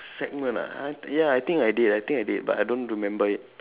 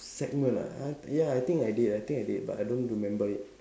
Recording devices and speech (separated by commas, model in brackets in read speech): telephone, standing microphone, conversation in separate rooms